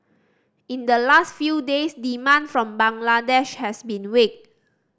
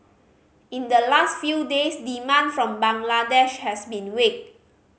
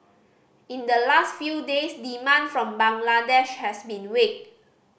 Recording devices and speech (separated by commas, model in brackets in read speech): standing microphone (AKG C214), mobile phone (Samsung C5010), boundary microphone (BM630), read sentence